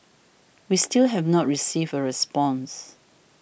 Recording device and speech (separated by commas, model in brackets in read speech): boundary microphone (BM630), read sentence